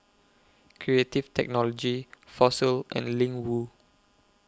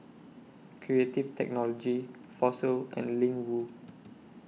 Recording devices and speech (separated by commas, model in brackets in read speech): close-talking microphone (WH20), mobile phone (iPhone 6), read sentence